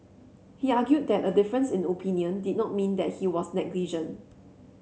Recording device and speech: mobile phone (Samsung C7), read sentence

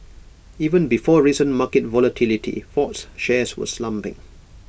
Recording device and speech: boundary microphone (BM630), read sentence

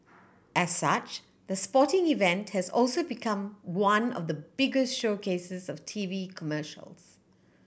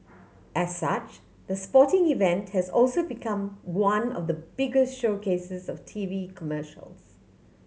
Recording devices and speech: boundary microphone (BM630), mobile phone (Samsung C7100), read sentence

